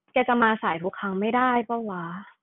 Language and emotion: Thai, frustrated